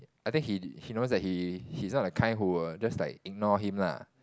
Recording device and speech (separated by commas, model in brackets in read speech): close-talking microphone, conversation in the same room